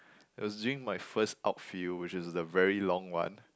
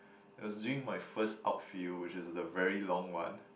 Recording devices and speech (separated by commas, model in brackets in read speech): close-talking microphone, boundary microphone, conversation in the same room